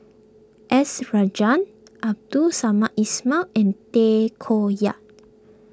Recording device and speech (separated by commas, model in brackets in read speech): close-talking microphone (WH20), read sentence